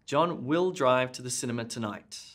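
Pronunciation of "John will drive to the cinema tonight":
The stress is on the word 'will'.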